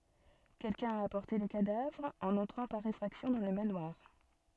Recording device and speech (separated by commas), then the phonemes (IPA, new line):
soft in-ear microphone, read sentence
kɛlkœ̃ a apɔʁte lə kadavʁ ɑ̃n ɑ̃tʁɑ̃ paʁ efʁaksjɔ̃ dɑ̃ lə manwaʁ